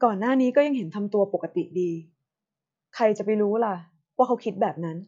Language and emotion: Thai, neutral